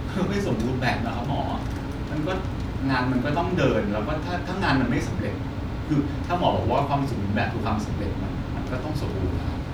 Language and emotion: Thai, frustrated